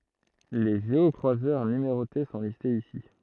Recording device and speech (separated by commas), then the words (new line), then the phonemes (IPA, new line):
throat microphone, read sentence
Les géocroiseurs numérotés sont listés ici.
le ʒeɔkʁwazœʁ nymeʁote sɔ̃ listez isi